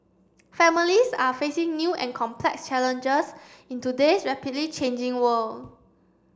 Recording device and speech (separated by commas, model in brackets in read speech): standing microphone (AKG C214), read sentence